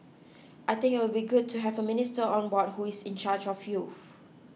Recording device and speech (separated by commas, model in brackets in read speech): mobile phone (iPhone 6), read sentence